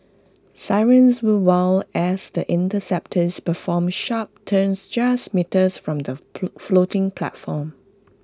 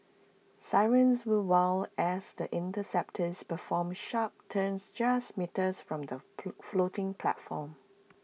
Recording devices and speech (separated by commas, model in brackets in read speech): close-talking microphone (WH20), mobile phone (iPhone 6), read sentence